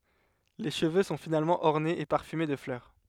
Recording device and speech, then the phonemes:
headset microphone, read sentence
le ʃəvø sɔ̃ finalmɑ̃ ɔʁnez e paʁfyme də flœʁ

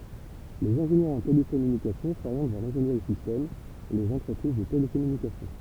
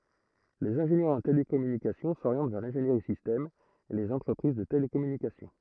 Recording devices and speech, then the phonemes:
temple vibration pickup, throat microphone, read sentence
lez ɛ̃ʒenjœʁz ɑ̃ telekɔmynikasjɔ̃ soʁjɑ̃t vɛʁ lɛ̃ʒeniʁi sistɛm e lez ɑ̃tʁəpʁiz də telekɔmynikasjɔ̃

